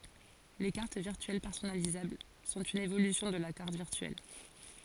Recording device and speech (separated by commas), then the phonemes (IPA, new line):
forehead accelerometer, read sentence
le kaʁt viʁtyɛl pɛʁsɔnalizabl sɔ̃t yn evolysjɔ̃ də la kaʁt viʁtyɛl